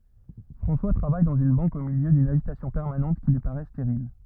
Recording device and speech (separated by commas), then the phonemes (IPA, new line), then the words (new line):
rigid in-ear microphone, read sentence
fʁɑ̃swa tʁavaj dɑ̃z yn bɑ̃k o miljø dyn aʒitasjɔ̃ pɛʁmanɑ̃t ki lyi paʁɛ steʁil
François travaille dans une banque au milieu d’une agitation permanente qui lui paraît stérile.